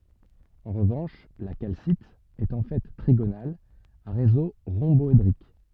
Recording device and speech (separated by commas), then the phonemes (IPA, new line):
soft in-ear microphone, read sentence
ɑ̃ ʁəvɑ̃ʃ la kalsit ɛt ɑ̃ fɛ tʁiɡonal a ʁezo ʁɔ̃bɔedʁik